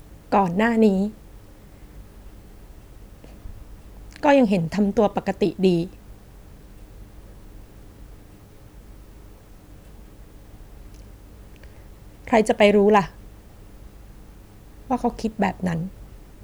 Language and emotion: Thai, sad